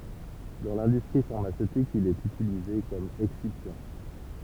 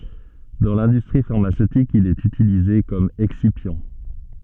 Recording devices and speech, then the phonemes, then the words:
temple vibration pickup, soft in-ear microphone, read sentence
dɑ̃ lɛ̃dystʁi faʁmasøtik il ɛt ytilize kɔm ɛksipjɑ̃
Dans l'industrie pharmaceutique, il est utilisé comme excipient.

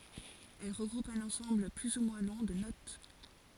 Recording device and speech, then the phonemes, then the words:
forehead accelerometer, read sentence
ɛl ʁəɡʁupt œ̃n ɑ̃sɑ̃bl ply u mwɛ̃ lɔ̃ də not
Elles regroupent un ensemble plus ou moins long de notes.

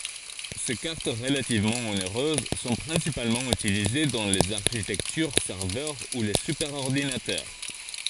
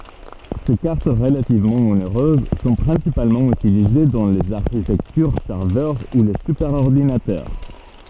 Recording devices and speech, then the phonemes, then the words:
forehead accelerometer, soft in-ear microphone, read sentence
se kaʁt ʁəlativmɑ̃ oneʁøz sɔ̃ pʁɛ̃sipalmɑ̃ ytilize dɑ̃ lez aʁʃitɛktyʁ sɛʁvœʁ u le sypɛʁɔʁdinatœʁ
Ces cartes relativement onéreuses sont principalement utilisées dans les architectures serveur ou les superordinateurs.

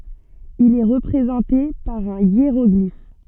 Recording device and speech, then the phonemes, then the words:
soft in-ear microphone, read sentence
il ɛ ʁəpʁezɑ̃te paʁ œ̃ jeʁɔɡlif
Il est représenté par un hiéroglyphe.

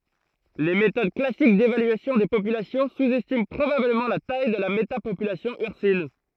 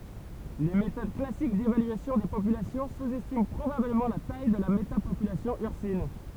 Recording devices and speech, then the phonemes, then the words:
throat microphone, temple vibration pickup, read sentence
le metod klasik devalyasjɔ̃ de popylasjɔ̃ suzɛstimɑ̃ pʁobabləmɑ̃ la taj də la metapopylasjɔ̃ yʁsin
Les méthodes classique d'évaluation des populations sous-estiment probablement la taille de la métapopulation ursine.

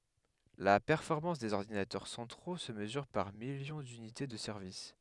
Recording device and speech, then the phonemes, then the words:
headset microphone, read sentence
la pɛʁfɔʁmɑ̃s dez ɔʁdinatœʁ sɑ̃tʁo sə məzyʁ paʁ miljɔ̃ dynite də sɛʁvis
La performance des ordinateurs centraux se mesure par millions d'unités de service.

